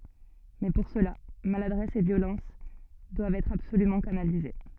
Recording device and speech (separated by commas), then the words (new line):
soft in-ear microphone, read sentence
Mais pour cela, maladresse et violence doivent être absolument canalisées.